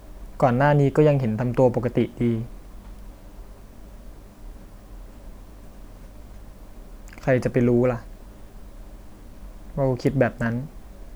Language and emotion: Thai, sad